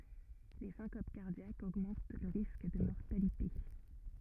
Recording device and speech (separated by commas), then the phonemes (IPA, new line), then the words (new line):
rigid in-ear microphone, read sentence
le sɛ̃kop kaʁdjakz oɡmɑ̃t lə ʁisk də mɔʁtalite
Les syncopes cardiaques augmentent le risque de mortalité.